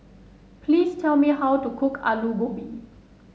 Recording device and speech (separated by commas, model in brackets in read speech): mobile phone (Samsung S8), read sentence